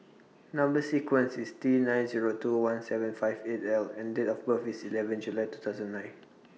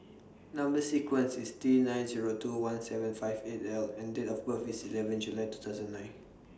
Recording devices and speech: mobile phone (iPhone 6), standing microphone (AKG C214), read sentence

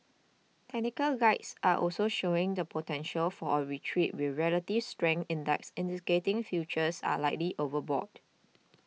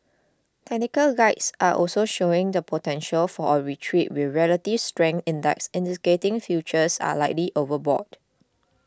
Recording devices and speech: mobile phone (iPhone 6), close-talking microphone (WH20), read sentence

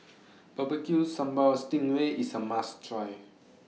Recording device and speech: mobile phone (iPhone 6), read sentence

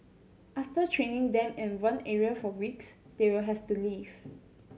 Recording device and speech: mobile phone (Samsung C7100), read sentence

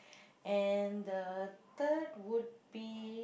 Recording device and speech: boundary microphone, conversation in the same room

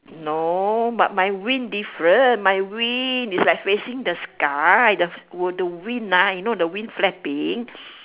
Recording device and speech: telephone, conversation in separate rooms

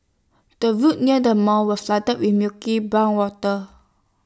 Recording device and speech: standing microphone (AKG C214), read sentence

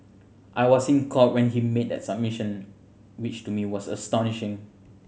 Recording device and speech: mobile phone (Samsung C7100), read sentence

